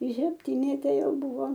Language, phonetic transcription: Lithuanian, i sepˈtinete ˈjau ˈbuvo

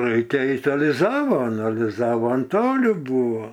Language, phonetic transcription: Lithuanian, ˈraikia ˈait aliˈzavon aliˈzavon ˈtoli ˈbūvo

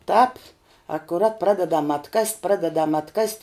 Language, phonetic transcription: Lithuanian, ˈtāp akuˈrat ˈpradedam atˈkast' ˈpradedam atˈkast'

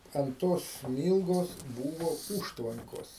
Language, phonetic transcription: Lithuanian, ant ˈtos ˈsmylgos ˈbūvo ˈūžtvankos

